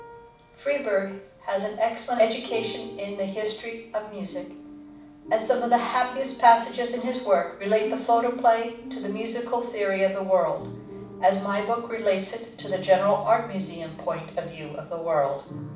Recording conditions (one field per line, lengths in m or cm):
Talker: one person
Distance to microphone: 5.8 m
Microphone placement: far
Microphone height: 1.8 m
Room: medium-sized (5.7 m by 4.0 m)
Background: music